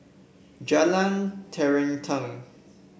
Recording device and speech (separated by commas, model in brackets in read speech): boundary microphone (BM630), read sentence